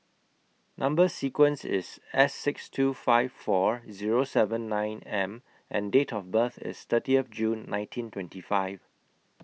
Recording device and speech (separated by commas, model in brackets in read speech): mobile phone (iPhone 6), read sentence